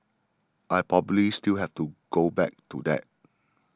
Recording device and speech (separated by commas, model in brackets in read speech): standing microphone (AKG C214), read sentence